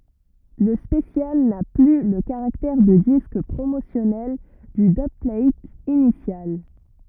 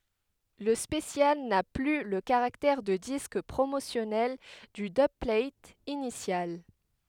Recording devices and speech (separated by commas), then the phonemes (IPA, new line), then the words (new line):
rigid in-ear microphone, headset microphone, read sentence
lə spəsjal na ply lə kaʁaktɛʁ də disk pʁomosjɔnɛl dy dybplat inisjal
Le special n'a plus le caractère de disque promotionnel du dubplate initial.